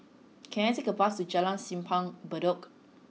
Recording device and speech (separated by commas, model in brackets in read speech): mobile phone (iPhone 6), read sentence